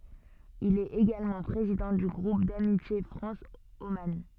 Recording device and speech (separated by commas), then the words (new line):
soft in-ear microphone, read sentence
Il est également président du groupe d'amitié France - Oman.